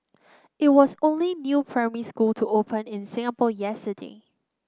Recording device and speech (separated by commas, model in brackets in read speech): close-talking microphone (WH30), read sentence